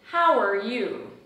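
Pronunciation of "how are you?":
In 'how are you?', 'how' and 'are' blend together and link, and 'are' is not stressed.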